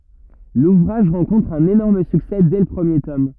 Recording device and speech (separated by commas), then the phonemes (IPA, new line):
rigid in-ear microphone, read sentence
luvʁaʒ ʁɑ̃kɔ̃tʁ œ̃n enɔʁm syksɛ dɛ lə pʁəmje tɔm